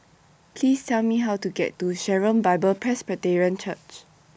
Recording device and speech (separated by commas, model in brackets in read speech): boundary microphone (BM630), read sentence